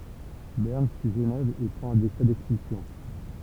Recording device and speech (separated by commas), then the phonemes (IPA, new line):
temple vibration pickup, read sentence
bɛʁn syi ʒənɛv e pʁɑ̃t œ̃ dekʁɛ dɛkspylsjɔ̃